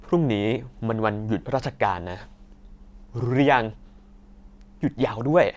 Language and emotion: Thai, happy